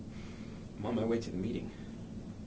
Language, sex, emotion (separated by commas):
English, male, neutral